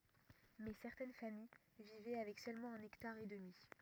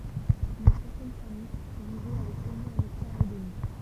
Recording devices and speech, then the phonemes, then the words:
rigid in-ear microphone, temple vibration pickup, read sentence
mɛ sɛʁtɛn famij vivɛ avɛk sølmɑ̃ œ̃n ɛktaʁ e dəmi
Mais certaines familles vivaient avec seulement un hectare et demi.

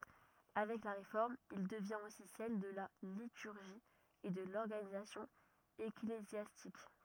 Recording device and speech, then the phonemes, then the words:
rigid in-ear microphone, read sentence
avɛk la ʁefɔʁm il dəvjɛ̃t osi sɛl də la lityʁʒi e də lɔʁɡanizasjɔ̃ eklezjastik
Avec la Réforme, il devient aussi celle de la liturgie et de l'organisation ecclésiastique.

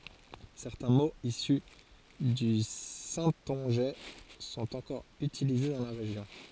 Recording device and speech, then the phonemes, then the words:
forehead accelerometer, read sentence
sɛʁtɛ̃ moz isy dy sɛ̃tɔ̃ʒɛ sɔ̃t ɑ̃kɔʁ ytilize dɑ̃ la ʁeʒjɔ̃
Certains mots issus du saintongeais sont encore utilisés dans la région.

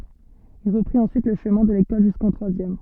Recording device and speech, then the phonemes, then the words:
soft in-ear microphone, read sentence
il ʁəpʁit ɑ̃syit lə ʃəmɛ̃ də lekɔl ʒyskɑ̃ tʁwazjɛm
Il reprit ensuite le chemin de l'école jusqu'en troisième.

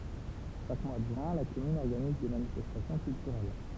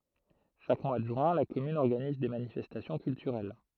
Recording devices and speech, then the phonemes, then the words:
temple vibration pickup, throat microphone, read sentence
ʃak mwa də ʒyɛ̃ la kɔmyn ɔʁɡaniz de manifɛstasjɔ̃ kyltyʁɛl
Chaque mois de juin, la commune organise des manifestations culturelles.

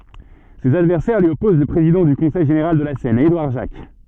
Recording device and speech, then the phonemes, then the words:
soft in-ear microphone, read sentence
sez advɛʁsɛʁ lyi ɔpoz lə pʁezidɑ̃ dy kɔ̃sɛj ʒeneʁal də la sɛn edwaʁ ʒak
Ses adversaires lui opposent le président du Conseil général de la Seine, Édouard Jacques.

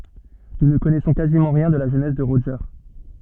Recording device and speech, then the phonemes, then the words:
soft in-ear microphone, read sentence
nu nə kɔnɛsɔ̃ kazimɑ̃ ʁjɛ̃ də la ʒønɛs də ʁoʒe
Nous ne connaissons quasiment rien de la jeunesse de Roger.

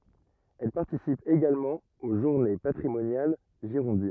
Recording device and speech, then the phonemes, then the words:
rigid in-ear microphone, read sentence
ɛl paʁtisip eɡalmɑ̃ o ʒuʁne patʁimonjal ʒiʁɔ̃din
Elle participe également aux journées patrimoniales girondines.

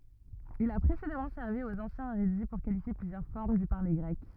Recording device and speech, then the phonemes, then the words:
rigid in-ear microphone, read sentence
il a pʁesedamɑ̃ sɛʁvi oz ɑ̃sjɛ̃z eʁydi puʁ kalifje plyzjœʁ fɔʁm dy paʁle ɡʁɛk
Il a précédemment servi aux anciens érudits pour qualifier plusieurs formes du parler grec.

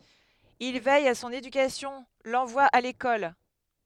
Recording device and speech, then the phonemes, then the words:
headset microphone, read sentence
il vɛj a sɔ̃n edykasjɔ̃ lɑ̃vwa a lekɔl
Il veille à son éducation, l'envoie à l'école.

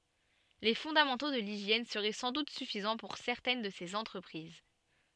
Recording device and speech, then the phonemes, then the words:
soft in-ear microphone, read sentence
le fɔ̃damɑ̃to də liʒjɛn səʁɛ sɑ̃ dut syfizɑ̃ puʁ sɛʁtɛn də sez ɑ̃tʁəpʁiz
Les fondamentaux de l'hygiène seraient sans doute suffisants pour certaines de ces entreprises.

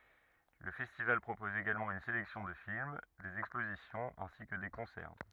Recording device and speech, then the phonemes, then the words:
rigid in-ear microphone, read sentence
lə fɛstival pʁopɔz eɡalmɑ̃ yn selɛksjɔ̃ də film dez ɛkspozisjɔ̃z ɛ̃si kə de kɔ̃sɛʁ
Le festival propose également une sélection de films, des expositions ainsi que des concerts.

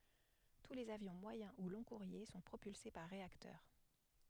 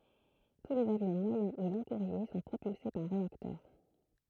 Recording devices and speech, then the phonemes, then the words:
headset microphone, throat microphone, read sentence
tu lez avjɔ̃ mwajɛ̃ u lɔ̃ɡkuʁje sɔ̃ pʁopylse paʁ ʁeaktœʁ
Tous les avions moyen ou long-courriers sont propulsés par réacteurs.

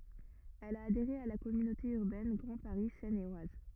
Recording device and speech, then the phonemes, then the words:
rigid in-ear microphone, read sentence
ɛl a adeʁe a la kɔmynote yʁbɛn ɡʁɑ̃ paʁi sɛn e waz
Elle a adhéré à la Communauté urbaine Grand Paris Seine et Oise.

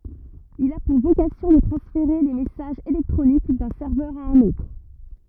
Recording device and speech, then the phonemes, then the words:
rigid in-ear microphone, read sentence
il a puʁ vokasjɔ̃ də tʁɑ̃sfeʁe le mɛsaʒz elɛktʁonik dœ̃ sɛʁvœʁ a œ̃n otʁ
Il a pour vocation de transférer les messages électroniques d'un serveur à un autre.

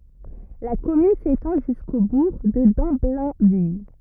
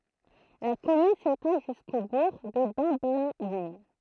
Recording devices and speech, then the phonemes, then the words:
rigid in-ear microphone, throat microphone, read sentence
la kɔmyn setɑ̃ ʒysko buʁ də dɑ̃blɛ̃vil
La commune s'étend jusqu'au bourg de Damblainville.

